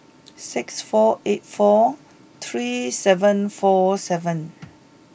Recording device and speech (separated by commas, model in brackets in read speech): boundary microphone (BM630), read sentence